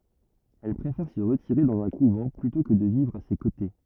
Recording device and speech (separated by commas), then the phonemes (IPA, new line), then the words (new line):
rigid in-ear microphone, read sentence
ɛl pʁefɛʁ sə ʁətiʁe dɑ̃z œ̃ kuvɑ̃ plytɔ̃ kə də vivʁ a se kote
Elle préfère se retirer dans un couvent, plutôt que de vivre à ses côtés.